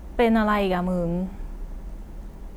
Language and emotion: Thai, frustrated